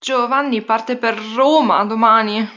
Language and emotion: Italian, fearful